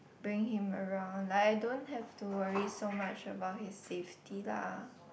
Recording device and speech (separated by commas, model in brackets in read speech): boundary microphone, conversation in the same room